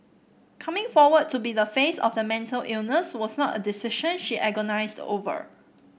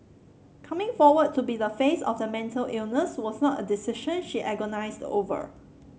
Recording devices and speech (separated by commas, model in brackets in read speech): boundary microphone (BM630), mobile phone (Samsung C7), read sentence